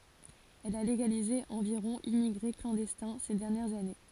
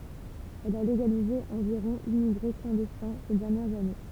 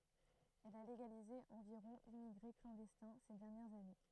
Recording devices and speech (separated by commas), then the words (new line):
forehead accelerometer, temple vibration pickup, throat microphone, read sentence
Elle a légalisé environ immigrés clandestins ces dernières années.